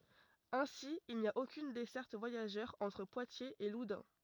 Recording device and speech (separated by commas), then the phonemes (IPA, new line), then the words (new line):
rigid in-ear microphone, read sentence
ɛ̃si il ni a okyn dɛsɛʁt vwajaʒœʁ ɑ̃tʁ pwatjez e ludœ̃
Ainsi, il n’y a aucune desserte voyageur entre Poitiers et Loudun.